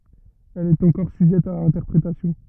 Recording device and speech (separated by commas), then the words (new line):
rigid in-ear microphone, read sentence
Elle est encore sujette à interprétation.